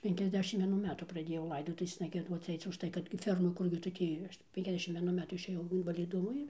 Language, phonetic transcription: Lithuanian, ˌpenkiasˈdešimt vieˈnų ˈmetų praˈdėjau ˈlaidotuvėsna gieˈduoc ˈaic užˈtai kad ˈferma ˈkurgi tu ˈtį ˌpenkiasˈdešim vieˈnu ˈmetų išėˈjau invaliˈdumo ir

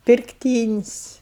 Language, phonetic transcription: Lithuanian, pirkˈtynis'

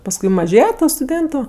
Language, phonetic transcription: Lithuanian, pasˈkui maˈžėje ˈtų stuˈdėntu

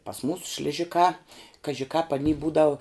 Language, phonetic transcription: Lithuanian, pas ˈmūsu šliˈžikā kaži kāp aˈny ˈbūdau

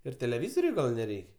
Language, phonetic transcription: Lithuanian, ir teleˈvyzoriui ˈgal neˈreik'

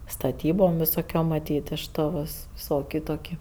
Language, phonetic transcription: Lithuanian, staˈtybom visoˈkiom maˈtyt iš ˈto vis ˈvisˌoki ˈtoki

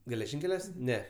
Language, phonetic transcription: Lithuanian, geleˈžinkeliuos ˈne

